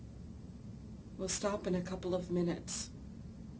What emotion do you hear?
neutral